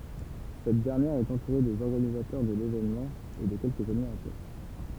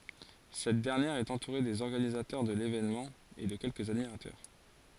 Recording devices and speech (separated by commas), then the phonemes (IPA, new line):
temple vibration pickup, forehead accelerometer, read sentence
sɛt dɛʁnjɛʁ ɛt ɑ̃tuʁe dez ɔʁɡanizatœʁ də levenmɑ̃ e də kɛlkəz admiʁatœʁ